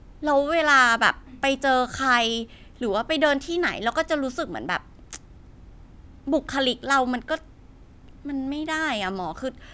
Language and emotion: Thai, frustrated